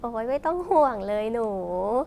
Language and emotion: Thai, happy